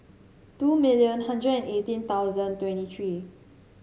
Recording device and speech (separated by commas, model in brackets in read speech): mobile phone (Samsung C7), read sentence